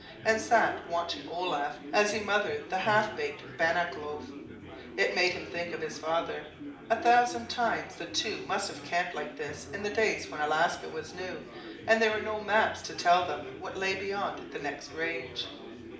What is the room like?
A mid-sized room (about 5.7 m by 4.0 m).